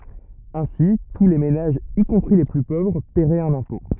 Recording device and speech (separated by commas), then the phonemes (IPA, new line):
rigid in-ear microphone, read sentence
ɛ̃si tu le menaʒz i kɔ̃pʁi le ply povʁ pɛʁɛt œ̃n ɛ̃pɔ̃